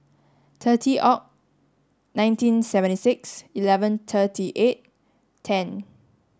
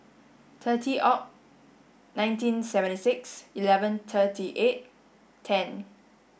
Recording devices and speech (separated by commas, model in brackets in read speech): standing microphone (AKG C214), boundary microphone (BM630), read sentence